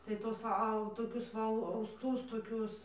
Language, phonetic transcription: Lithuanian, tai ˈtuos ˈau toˈkius va ausˈtus toˈkius

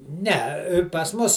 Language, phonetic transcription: Lithuanian, ne pas ˈmus

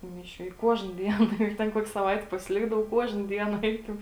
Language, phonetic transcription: Lithuanian, tų ˈmiˌšių i ˈkuožna ˈdien ˈjeig ˈten ˈkuok' saˈvaiti pasiˈlikdavau ˈkuožna ˈdiena ˈeikiau

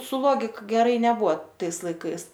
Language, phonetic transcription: Lithuanian, su ˈlogik geˈrai neˈbua ˈtais laiˈkais

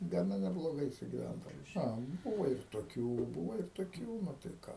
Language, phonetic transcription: Lithuanian, gaˈna nebloˈgai sugiˈvændava ˈa ˈbūva ir toˈkių ˈbūva ir toˈkių ˈnu tai ˈką

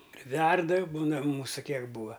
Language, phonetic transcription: Lithuanian, priˈverda ˈbūna ˈmūsu ˈkiek ˈbūa

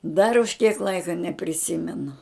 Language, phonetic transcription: Lithuanian, dar už kiek ˈlaika nepriˈsimenu

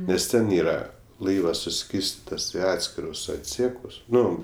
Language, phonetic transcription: Lithuanian, nes ˈten ˈyra ˈlaivas suˈskyrstitas i ˈatskirus atˈsiekus ˈnu

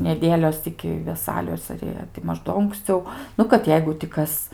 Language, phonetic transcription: Lithuanian, neˈdėlios iki veˈsalios ar ˈjie ti ˈmaž ˈdo unksˈciau ˈnu kad ˈjeigu ti ˈkas

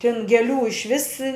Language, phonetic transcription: Lithuanian, tin geˈlių išˈvis

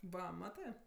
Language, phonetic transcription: Lithuanian, ˈva ˈmatɜ

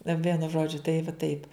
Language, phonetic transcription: Lithuanian, na ˈvienu ˈžodžiu tai va ˈtaip

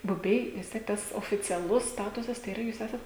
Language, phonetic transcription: Lithuanian, buˈbiai vis ˈtiek ˈtas oficiaˈlus ˈstatusas tai yˈra jūs ˈesat

